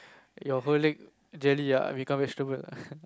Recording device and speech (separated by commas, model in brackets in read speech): close-talking microphone, conversation in the same room